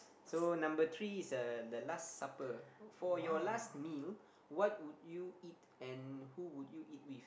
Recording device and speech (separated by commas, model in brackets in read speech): boundary microphone, conversation in the same room